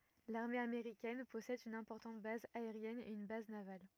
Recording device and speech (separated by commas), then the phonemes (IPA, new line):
rigid in-ear microphone, read sentence
laʁme ameʁikɛn pɔsɛd yn ɛ̃pɔʁtɑ̃t baz aeʁjɛn e yn baz naval